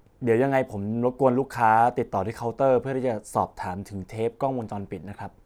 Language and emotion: Thai, neutral